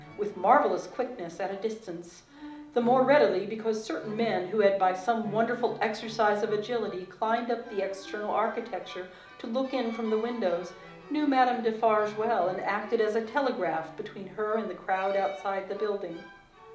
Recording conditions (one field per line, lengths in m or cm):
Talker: one person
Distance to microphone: 2.0 m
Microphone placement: close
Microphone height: 99 cm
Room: medium-sized (5.7 m by 4.0 m)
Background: music